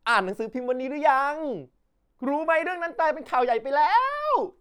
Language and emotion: Thai, happy